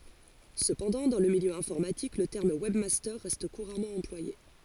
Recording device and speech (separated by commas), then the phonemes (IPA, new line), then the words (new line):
forehead accelerometer, read sentence
səpɑ̃dɑ̃ dɑ̃ lə miljø ɛ̃fɔʁmatik lə tɛʁm wɛbmastœʁ ʁɛst kuʁamɑ̃ ɑ̃plwaje
Cependant, dans le milieu informatique, le terme webmaster reste couramment employé.